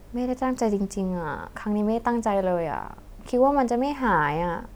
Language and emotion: Thai, sad